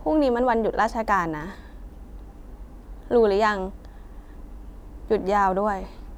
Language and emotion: Thai, neutral